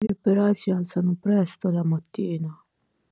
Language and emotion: Italian, sad